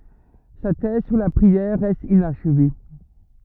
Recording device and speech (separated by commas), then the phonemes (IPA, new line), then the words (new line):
rigid in-ear microphone, read sentence
sa tɛz syʁ la pʁiɛʁ ʁɛst inaʃve
Sa thèse sur la prière reste inachevée.